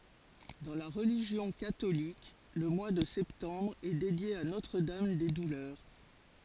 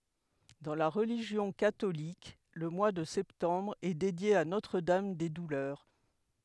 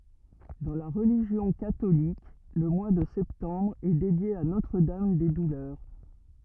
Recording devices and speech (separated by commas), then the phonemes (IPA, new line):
forehead accelerometer, headset microphone, rigid in-ear microphone, read sentence
dɑ̃ la ʁəliʒjɔ̃ katolik lə mwa də sɛptɑ̃bʁ ɛ dedje a notʁ dam de dulœʁ